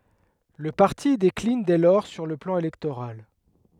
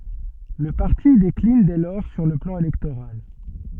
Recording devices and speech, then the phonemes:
headset microphone, soft in-ear microphone, read sentence
lə paʁti deklin dɛ lɔʁ syʁ lə plɑ̃ elɛktoʁal

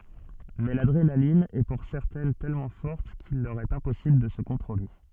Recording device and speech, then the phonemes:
soft in-ear microphone, read sentence
mɛ ladʁenalin ɛ puʁ sɛʁtɛn tɛlmɑ̃ fɔʁt kil lœʁ ɛt ɛ̃pɔsibl də sə kɔ̃tʁole

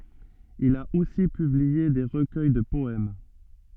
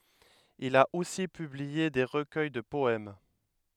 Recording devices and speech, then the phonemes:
soft in-ear microphone, headset microphone, read sentence
il a osi pyblie de ʁəkœj də pɔɛm

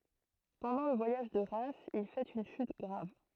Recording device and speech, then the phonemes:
throat microphone, read sentence
pɑ̃dɑ̃ lə vwajaʒ də ʁɛmz il fɛt yn ʃyt ɡʁav

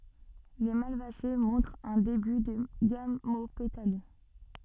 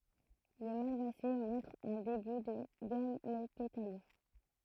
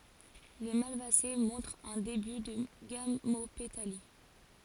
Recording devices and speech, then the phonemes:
soft in-ear microphone, throat microphone, forehead accelerometer, read sentence
le malvase mɔ̃tʁt œ̃ deby də ɡamopetali

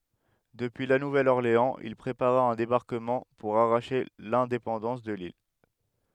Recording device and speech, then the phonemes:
headset microphone, read sentence
dəpyi la nuvɛl ɔʁleɑ̃z il pʁepaʁa œ̃ debaʁkəmɑ̃ puʁ aʁaʃe lɛ̃depɑ̃dɑ̃s də lil

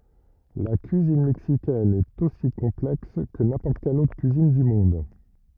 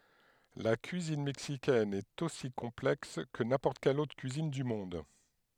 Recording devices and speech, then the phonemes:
rigid in-ear microphone, headset microphone, read sentence
la kyizin mɛksikɛn ɛt osi kɔ̃plɛks kə nɛ̃pɔʁt kɛl otʁ kyizin dy mɔ̃d

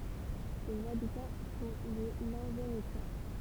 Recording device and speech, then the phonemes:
temple vibration pickup, read sentence
sez abitɑ̃ sɔ̃ le lɑ̃venekwa

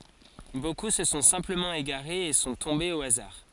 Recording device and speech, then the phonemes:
forehead accelerometer, read sentence
boku sə sɔ̃ sɛ̃pləmɑ̃ eɡaʁez e sɔ̃ tɔ̃bez o azaʁ

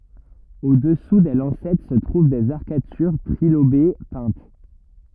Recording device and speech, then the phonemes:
rigid in-ear microphone, read sentence
odɛsu de lɑ̃sɛt sə tʁuv dez aʁkatyʁ tʁilobe pɛ̃t

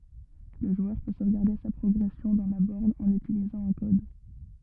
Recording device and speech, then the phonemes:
rigid in-ear microphone, read sentence
lə ʒwœʁ pø sovɡaʁde sa pʁɔɡʁɛsjɔ̃ dɑ̃ la bɔʁn ɑ̃n ytilizɑ̃ œ̃ kɔd

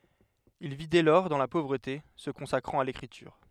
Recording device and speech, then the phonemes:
headset microphone, read sentence
il vi dɛ lɔʁ dɑ̃ la povʁəte sə kɔ̃sakʁɑ̃t a lekʁityʁ

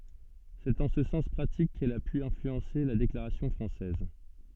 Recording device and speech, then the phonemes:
soft in-ear microphone, read sentence
sɛt ɑ̃ sə sɑ̃s pʁatik kɛl a py ɛ̃flyɑ̃se la deklaʁasjɔ̃ fʁɑ̃sɛz

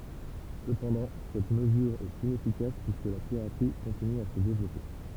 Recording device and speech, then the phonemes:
temple vibration pickup, read sentence
səpɑ̃dɑ̃ sɛt məzyʁ ɛt inɛfikas pyiskə la piʁatʁi kɔ̃tiny a sə devlɔpe

